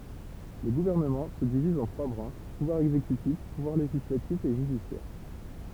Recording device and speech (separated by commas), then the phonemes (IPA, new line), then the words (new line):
temple vibration pickup, read sentence
lə ɡuvɛʁnəmɑ̃ sə diviz ɑ̃ tʁwa bʁɑ̃ʃ puvwaʁ ɛɡzekytif puvwaʁ leʒislatif e ʒydisjɛʁ
Le gouvernement se divise en trois branches, pouvoir exécutif, pouvoir législatif et judiciaire.